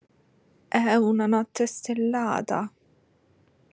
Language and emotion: Italian, fearful